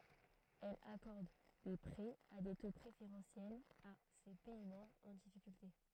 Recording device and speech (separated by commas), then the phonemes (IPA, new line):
throat microphone, read sentence
ɛl akɔʁd de pʁɛz a de to pʁefeʁɑ̃sjɛlz a se pɛi mɑ̃bʁz ɑ̃ difikylte